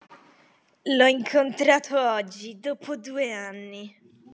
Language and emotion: Italian, disgusted